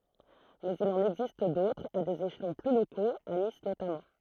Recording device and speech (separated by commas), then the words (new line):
throat microphone, read sentence
Mais il en existe d'autres, à des échelons plus locaux, à Nice notamment.